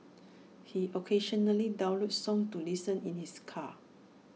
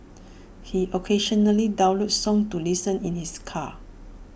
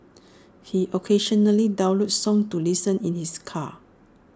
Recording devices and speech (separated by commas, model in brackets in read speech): mobile phone (iPhone 6), boundary microphone (BM630), standing microphone (AKG C214), read sentence